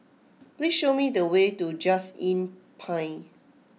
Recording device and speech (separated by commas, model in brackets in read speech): mobile phone (iPhone 6), read sentence